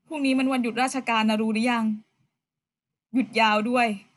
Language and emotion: Thai, sad